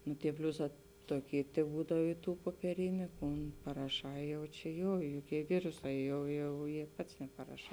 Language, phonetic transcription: Lithuanian, nu tie ˈpliuˌsā ˈtoˌky teˈbūdav i ˈtų puopieˈriniu ˈkun paraˈšā ˈjau čia ˈjo joˈkie ˈviruˌsā ˈjau jau jė ˈpats neparaˈšā

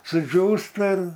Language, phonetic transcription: Lithuanian, suˈdžiūsta ir

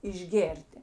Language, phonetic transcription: Lithuanian, išˈgėrti

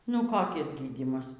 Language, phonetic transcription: Lithuanian, ˈnu koˈkis ˈgydymas

